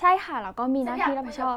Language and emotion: Thai, neutral